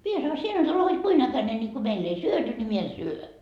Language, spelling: Finnish, minä sanoin sinä nyt olet hod kuinka äkäinen niin kun meillä ei syöty niin minä en syö
- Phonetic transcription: mie sano » 'sie nyt ole hod 'kuin 'äkäne ńi ko meill ‿ei "syöty ni mie en "syö » .

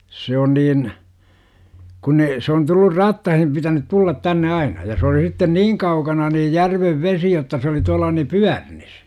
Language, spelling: Finnish, se on niin kun ne se on tullut rattaisiin pitänyt tulla tänne aina ja se oli sitten niin kaukana niin järven vesi jotta se oli tuolla niin Pyörnissä
- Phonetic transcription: 'se on niin , kun ne , se on tullur "rattahim pitänyt tullat 'tänne 'aina ja se oli sitten "niiŋ kaukana niij "järvev 'vesi jotta se oli tual̆la ni "Pyärnis .

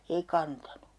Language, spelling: Finnish, eikä antanut
- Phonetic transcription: 'ei"k ‿antanu .

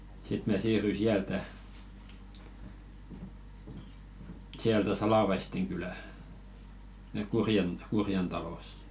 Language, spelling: Finnish, sitten minä siirryin sieltä sieltä Salavaisten kylään sinne Kurjen Kurjen taloon
- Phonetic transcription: 'sit mä̀ "siirryi siältä , 'siältä "Salavaisteŋ kylä , [sin]nek 'Kurjen , "Kurjen talossᴇ .

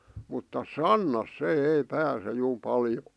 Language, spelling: Finnish, mutta sannassa se ei pääse juu paljon
- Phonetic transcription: mutta "sannas 'se 'ei 'pääse juu 'paljo .

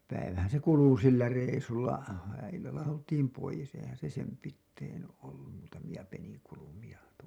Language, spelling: Finnish, se päivähän se kului sillä reissulla illalla oltiin pois eihän se sen pitäen ollut muutamia peninkulmia -
- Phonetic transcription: se , 'päivähän se 'kulu sillä reisulla , illalla 'oltiim poijes eihän se 'sem pittein ollum muutamiʲa peniŋkulumiʲa tuo- .

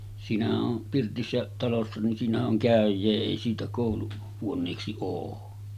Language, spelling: Finnish, siinähän on pirtissä talossa niin siinähän on käyjää ei siitä - kouluhuoneeksi ole
- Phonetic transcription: siinähä’ ’on , 'pirtissä talossa nin 'siinähä’ ’oŋ "kä̀öj̆jee 'èi siitä kòulu- , -huon̆neeksi oo .

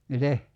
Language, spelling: Finnish, miten
- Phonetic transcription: mite ?

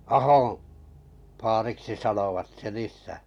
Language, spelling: Finnish, Ahon vaariksi sanoivat sen isää
- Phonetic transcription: Ahoo̰ , 'faariksi 'sanovat sen 'is̆sä̀ .

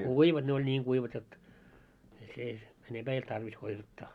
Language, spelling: Finnish, kuivat ne oli niin kuivat jotta ei se enempää ei ollut tarvis kuivattaa
- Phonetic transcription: kuivat ne oĺ 'ńiiŋ 'ɢuivat jot , ei se , 'enemʙää ei olt 'tarvis kuivattaa .

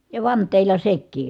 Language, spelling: Finnish, ja vanteilla sekin
- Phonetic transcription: ja vant̀èilla sek̆kii .

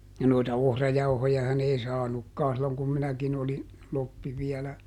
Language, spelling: Finnish, ja noita ohrajauhojahan ei saanutkaan silloin kun minäkin olin kloppi vielä
- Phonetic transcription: ja noita "ohrajauhojahan ‿ei ˈsaanukkaa silloŋ kum ˈminäkin ‿oli , ˈloppi viɛlä .

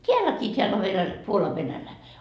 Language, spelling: Finnish, täälläkin täällä on - Puolan -
- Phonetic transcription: "t́eälläkii t́eäll ‿o venäl- , 'Puolav venälä- .

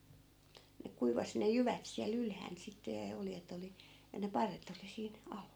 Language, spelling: Finnish, ne kuivasi ne jyvät siellä ylhäällä sitten ja oljet oli ja ne parret oli siinä alla
- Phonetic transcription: ne 'kuivasⁱ ne 'jyvät siäl 'ylhään sitte ja 'oljet ‿oli , ja ne 'parret ‿oli 'siin , "alla .

